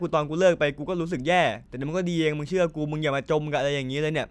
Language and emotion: Thai, frustrated